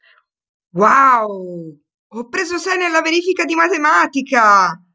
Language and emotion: Italian, happy